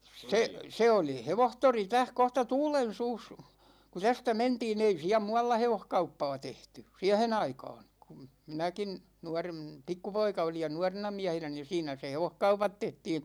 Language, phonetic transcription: Finnish, 'se , 'se oli "hevohtori 'täh kohta "Tuulen̬suus , ku 'tästä 'mentii'n ‿ei 'siä "mu₍alla 'hevohkauppaa 'tehty , "siähen ‿aikaan̬ , kum , 'minäkin , 'nuarem- , 'pikkupoika olij ja "nuarena 'miähenä ni 'siinä se "hevohkaupat 'tehtiin .
- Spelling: se se oli hevostori tässä kohta Tuulensuussa kun tästä mentiin ei siellä muualla hevoskauppaa tehty siihen aikaan kun minäkin - pikkupoika olin ja nuorena miehenä niin siinä se hevoskaupat tehtiin

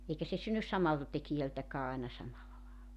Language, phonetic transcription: Finnish, 'eikä se 'synnys "samalta tekijältäkä̳§ aena 'samalla laalla .
- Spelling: eikä se synny samalta tekijältäkään aina samalla lailla

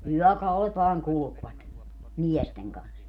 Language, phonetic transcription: Finnish, 'yɔ̈̀kaulet vaaŋ 'kulᵘkvat , 'miɛsteŋ kans .
- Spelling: yökaudet vain kulkivat miesten kanssa

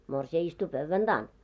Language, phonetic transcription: Finnish, 'morsi₍a istu "pövvän 'ᴅaan .
- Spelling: morsian istui pöydän takana

